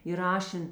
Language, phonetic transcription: Lithuanian, įraˈšen

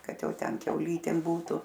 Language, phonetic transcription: Lithuanian, ˈkad ˈjau ˈten kiauˈlytėm ˈbūtu

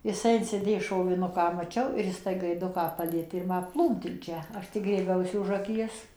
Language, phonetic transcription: Lithuanian, jiˈsai insiˈdė šoviˈnuką maˈčiau ir ˈjis tai gaiˈduką ˈpalietė ir ˈma ˈplūmt in ˈčia ˈaš tik grieˈbiausi už ˈakies

